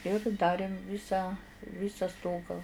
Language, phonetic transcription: Lithuanian, ir ˈdarėm ˈvisą ˈvysa ˈstogą

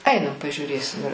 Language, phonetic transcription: Lithuanian, ˈainam pažiūˈrėsim ir

